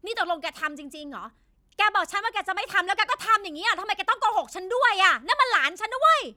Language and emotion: Thai, angry